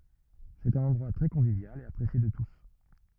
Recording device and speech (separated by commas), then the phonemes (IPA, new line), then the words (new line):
rigid in-ear microphone, read sentence
sɛt œ̃n ɑ̃dʁwa tʁɛ kɔ̃vivjal e apʁesje də tus
C'est un endroit très convivial et apprécié de tous!